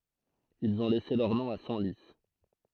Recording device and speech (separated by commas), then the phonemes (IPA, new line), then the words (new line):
throat microphone, read sentence
ilz ɔ̃ lɛse lœʁ nɔ̃ a sɑ̃li
Ils ont laissé leur nom à Senlis.